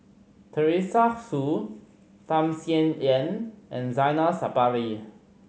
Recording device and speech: mobile phone (Samsung C5010), read sentence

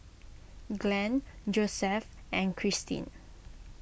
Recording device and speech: boundary microphone (BM630), read sentence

